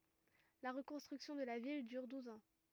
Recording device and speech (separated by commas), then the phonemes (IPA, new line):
rigid in-ear microphone, read sentence
la ʁəkɔ̃stʁyksjɔ̃ də la vil dyʁ duz ɑ̃